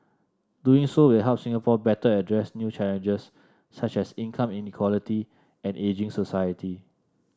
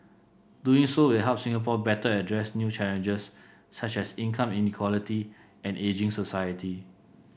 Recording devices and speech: standing microphone (AKG C214), boundary microphone (BM630), read sentence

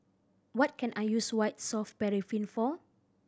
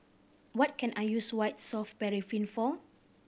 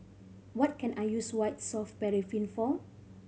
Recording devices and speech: standing microphone (AKG C214), boundary microphone (BM630), mobile phone (Samsung C5010), read sentence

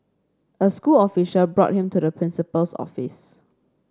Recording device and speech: standing microphone (AKG C214), read sentence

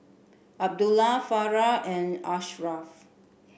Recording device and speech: boundary microphone (BM630), read sentence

